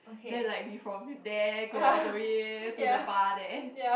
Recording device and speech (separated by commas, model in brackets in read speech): boundary microphone, conversation in the same room